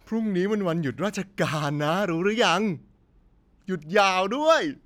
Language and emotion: Thai, happy